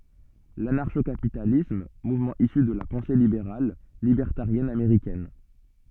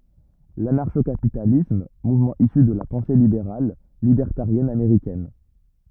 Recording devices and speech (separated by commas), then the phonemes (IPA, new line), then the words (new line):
soft in-ear microphone, rigid in-ear microphone, read sentence
lanaʁʃo kapitalism muvmɑ̃ isy də la pɑ̃se libeʁal libɛʁtaʁjɛn ameʁikɛn
L'anarcho-capitalisme, mouvement issu de la pensée libérale, libertarienne américaine.